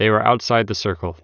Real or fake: real